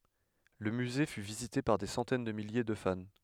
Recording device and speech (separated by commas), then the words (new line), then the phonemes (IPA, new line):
headset microphone, read sentence
Le musée fut visité par des centaines de milliers de fans.
lə myze fy vizite paʁ de sɑ̃tɛn də milje də fan